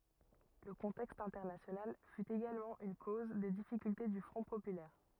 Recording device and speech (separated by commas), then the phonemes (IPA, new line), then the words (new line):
rigid in-ear microphone, read sentence
lə kɔ̃tɛkst ɛ̃tɛʁnasjonal fy eɡalmɑ̃ yn koz de difikylte dy fʁɔ̃ popylɛʁ
Le contexte international fut également une cause des difficultés du Front populaire.